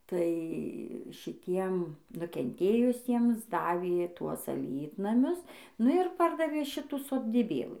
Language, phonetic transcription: Lithuanian, tai šiˈtiem nukenˈtėjusiems ˈdavė ˈtuos aˈlytnamius ˈnu ir ˈpardavė ˈšitų sodyˈbėlɨ

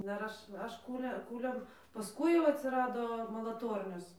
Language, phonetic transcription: Lithuanian, ˈdar ˈaš ˈaš ˈkūle ˈkūliam pasˈkui jau atsiˈrado malaˈtornios

